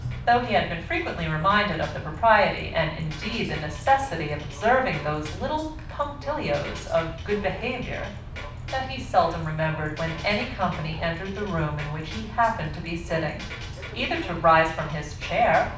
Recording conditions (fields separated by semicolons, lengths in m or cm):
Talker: one person; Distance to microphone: 5.8 m; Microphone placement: far; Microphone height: 1.8 m; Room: medium-sized (5.7 m by 4.0 m); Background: music